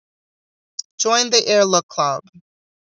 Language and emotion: English, neutral